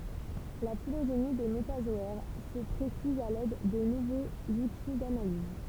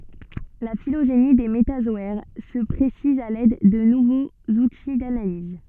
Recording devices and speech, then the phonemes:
temple vibration pickup, soft in-ear microphone, read sentence
la filoʒeni de metazɔɛʁ sə pʁesiz a lɛd də nuvoz uti danaliz

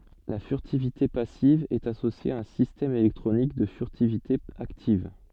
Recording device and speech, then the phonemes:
soft in-ear microphone, read sentence
la fyʁtivite pasiv ɛt asosje a œ̃ sistɛm elɛktʁonik də fyʁtivite aktiv

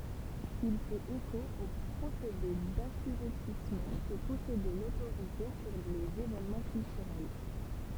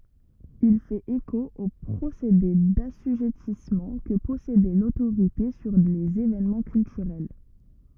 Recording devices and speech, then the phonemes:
temple vibration pickup, rigid in-ear microphone, read sentence
il fɛt eko o pʁosede dasyʒɛtismɑ̃ kə pɔsedɛ lotoʁite syʁ lez evenmɑ̃ kyltyʁɛl

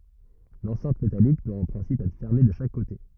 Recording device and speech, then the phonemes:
rigid in-ear microphone, read sentence
lɑ̃sɛ̃t metalik dwa ɑ̃ pʁɛ̃sip ɛtʁ fɛʁme də ʃak kote

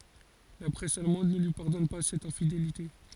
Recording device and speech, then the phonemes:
forehead accelerometer, read sentence
la pʁɛs almɑ̃d nə lyi paʁdɔn pa sɛt ɛ̃fidelite

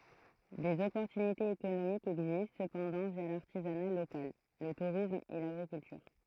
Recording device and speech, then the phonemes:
throat microphone, read sentence
dez ɔpɔʁtynitez ekonomikz ɛɡzist səpɑ̃dɑ̃ vja laʁtizana lokal lə tuʁism e laɡʁikyltyʁ

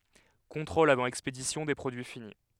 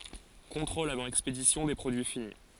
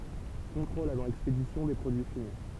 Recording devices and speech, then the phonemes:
headset microphone, forehead accelerometer, temple vibration pickup, read sentence
kɔ̃tʁolz avɑ̃ ɛkspedisjɔ̃ de pʁodyi fini

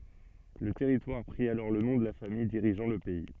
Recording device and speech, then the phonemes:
soft in-ear microphone, read sentence
lə tɛʁitwaʁ pʁi alɔʁ lə nɔ̃ də la famij diʁiʒɑ̃ lə pɛi

